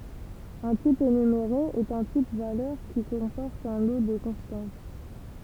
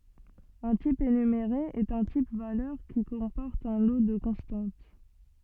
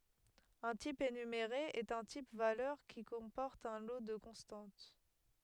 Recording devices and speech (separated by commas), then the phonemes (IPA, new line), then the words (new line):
temple vibration pickup, soft in-ear microphone, headset microphone, read sentence
œ̃ tip enymeʁe ɛt œ̃ tip valœʁ ki kɔ̃pɔʁt œ̃ lo də kɔ̃stɑ̃t
Un type énuméré est un type valeur qui comporte un lot de constantes.